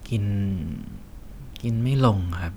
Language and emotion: Thai, sad